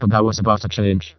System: VC, vocoder